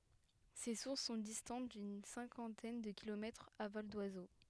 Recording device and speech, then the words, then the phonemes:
headset microphone, read sentence
Ces sources sont distantes d'une cinquantaine de kilomètres à vol d'oiseau.
se suʁs sɔ̃ distɑ̃t dyn sɛ̃kɑ̃tɛn də kilomɛtʁz a vɔl dwazo

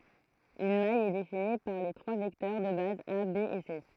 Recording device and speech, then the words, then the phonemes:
throat microphone, read sentence
Une maille est définie par les trois vecteurs de base a, b et c.
yn maj ɛ defini paʁ le tʁwa vɛktœʁ də baz a be e se

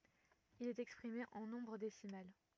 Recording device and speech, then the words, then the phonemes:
rigid in-ear microphone, read sentence
Il est exprimé en nombre décimal.
il ɛt ɛkspʁime ɑ̃ nɔ̃bʁ desimal

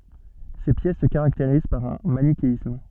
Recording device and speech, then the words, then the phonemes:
soft in-ear microphone, read sentence
Ces pièces se caractérisent par un manichéisme.
se pjɛs sə kaʁakteʁiz paʁ œ̃ manikeism

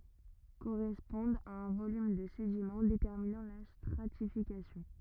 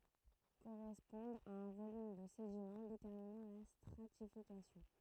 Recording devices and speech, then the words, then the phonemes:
rigid in-ear microphone, throat microphone, read sentence
Correspondent à un volume de sédiment déterminant la stratification.
koʁɛspɔ̃dt a œ̃ volym də sedimɑ̃ detɛʁminɑ̃ la stʁatifikasjɔ̃

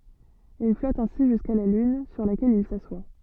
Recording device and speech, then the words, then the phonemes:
soft in-ear microphone, read sentence
Il flotte ainsi jusqu'à la lune, sur laquelle il s'assoit.
il flɔt ɛ̃si ʒyska la lyn syʁ lakɛl il saswa

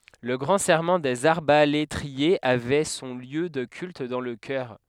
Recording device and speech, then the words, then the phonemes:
headset microphone, read sentence
Le Grand Serment des arbalétriers avait son lieu de culte dans le chœur.
lə ɡʁɑ̃ sɛʁmɑ̃ dez aʁbaletʁiez avɛ sɔ̃ ljø də kylt dɑ̃ lə kœʁ

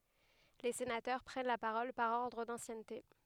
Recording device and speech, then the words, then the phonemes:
headset microphone, read sentence
Les sénateurs prennent la parole par ordre d’ancienneté.
le senatœʁ pʁɛn la paʁɔl paʁ ɔʁdʁ dɑ̃sjɛnte

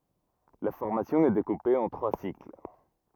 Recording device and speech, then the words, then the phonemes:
rigid in-ear microphone, read sentence
La formation est découpée en trois cycles.
la fɔʁmasjɔ̃ ɛ dekupe ɑ̃ tʁwa sikl

